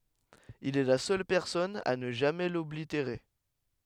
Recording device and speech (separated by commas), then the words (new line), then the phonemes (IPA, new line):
headset microphone, read sentence
Il est la seule personne à ne jamais l’oblitérer.
il ɛ la sœl pɛʁsɔn a nə ʒamɛ lɔbliteʁe